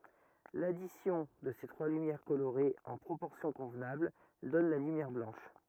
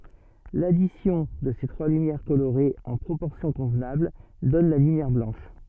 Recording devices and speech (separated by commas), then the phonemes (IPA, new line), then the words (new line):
rigid in-ear microphone, soft in-ear microphone, read sentence
ladisjɔ̃ də se tʁwa lymjɛʁ koloʁez ɑ̃ pʁopɔʁsjɔ̃ kɔ̃vnabl dɔn la lymjɛʁ blɑ̃ʃ
L'addition de ces trois lumières colorées en proportions convenables donne la lumière blanche.